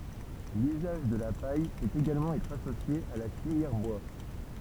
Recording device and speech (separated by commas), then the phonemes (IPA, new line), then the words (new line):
temple vibration pickup, read sentence
lyzaʒ də la paj pøt eɡalmɑ̃ ɛtʁ asosje a la filjɛʁ bwa
L’usage de la paille peut également être associé à la filière bois.